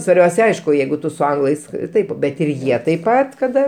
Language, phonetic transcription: Lithuanian, svarˈbiaus' ˈaišku ˈjeigu ˈtu su ˈanglais ˈtaip ˈbet ir ˈjie taip ˈpat kaˈda

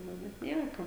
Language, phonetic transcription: Lithuanian, ˈnu bet ˈnieko

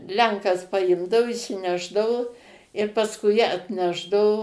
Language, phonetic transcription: Lithuanian, ˈlenkas paˈimdau išsiˈnešdavu ir pasˈkui atˈnešdavo

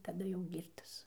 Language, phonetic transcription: Lithuanian, taˈda jau ˈgyrtas

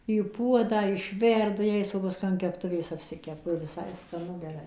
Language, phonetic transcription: Lithuanian, į ˈpuodą išˈverdu ˈjais o paˈskui an kepˈtuvės apˈsikepu ir viˈsai skaˈnu geˈrai

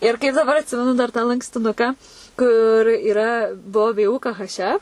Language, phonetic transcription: Lithuanian, ir kaip daˈbar atˈsimenu dar tą lankstiˈnuką kur yˈra ˈbuo ˈvė ˈū ˈka ˈhaš ˈef

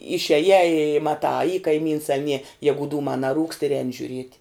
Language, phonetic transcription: Lithuanian, išieˈjā i maˈtā a y kaiˈmyns a nie ˈjegu ˈdūmā naˈrūkst ir ˈēni žiuˈriet'

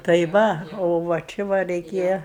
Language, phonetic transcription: Lithuanian, tai ˈva ˈo va ˈči va reiˈkėja

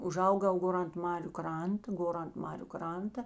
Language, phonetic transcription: Lithuanian, uˈžaugau ˈgor ant ˈmariu ˈkranta ˈgor ant ˈmariu ˈkranta

